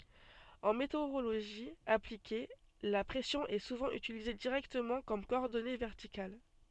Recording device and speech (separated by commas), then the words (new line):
soft in-ear microphone, read sentence
En météorologie appliquée, la pression est souvent utilisée directement comme coordonnée verticale.